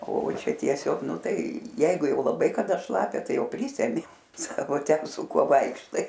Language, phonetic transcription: Lithuanian, o ˈčia tieˈsiog ˈnu ˈtai ˈjeigu ˈjau laˈbai kaˈda ˈšlapia ˈtai ˈjau ˈprysemi ˈsako ˈten su ˈkuo ˈvaikštai

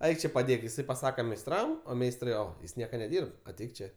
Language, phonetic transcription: Lithuanian, ˈaik čė paˈdėk iˈsai paˈsaka meisˈtram o ˈmeistrai ˈo ˈjis ˈnieka neˈdyrb aˈteik ˈčė

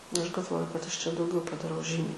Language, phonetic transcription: Lithuanian, ˈaš galˈvoju kad ˈaš čia dauˈgiau padaˈrau ˈžymiai

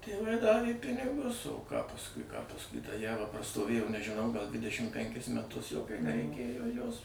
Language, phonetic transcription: Lithuanian, tėˈvai ˈdavė ˈpinigus o ką pasˈkui pasˈkui ta ˈjava prastoˈvėjo nežiˈnau gal ˈdvidešim ˈpenkis meˈtus jau nereiˈkėjo ˈjos

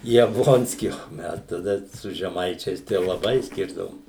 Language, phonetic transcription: Lithuanian, jabˈlonskį o ˈmes taˈda su žeˈmaičiais tai jau laˈbai ˈskirdavom

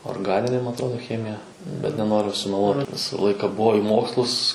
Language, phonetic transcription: Lithuanian, orgˈaninė ma atˈrodo ˈchemija bet neˈnoriu sumeˈluot ˈvisa ˈlaika ˈbuo i ˈmokslus

